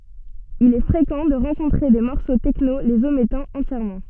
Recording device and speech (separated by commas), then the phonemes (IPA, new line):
soft in-ear microphone, read sentence
il ɛ fʁekɑ̃ də ʁɑ̃kɔ̃tʁe de mɔʁso tɛkno lez omɛtɑ̃ ɑ̃tjɛʁmɑ̃